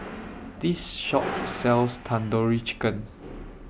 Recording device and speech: boundary microphone (BM630), read sentence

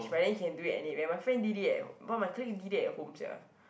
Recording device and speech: boundary microphone, conversation in the same room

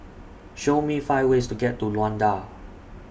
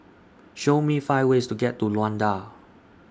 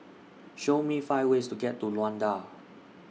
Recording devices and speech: boundary microphone (BM630), standing microphone (AKG C214), mobile phone (iPhone 6), read sentence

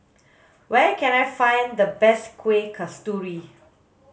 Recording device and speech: mobile phone (Samsung S8), read sentence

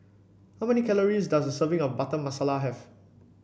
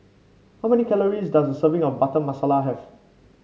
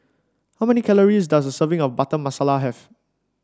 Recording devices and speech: boundary microphone (BM630), mobile phone (Samsung C5), standing microphone (AKG C214), read sentence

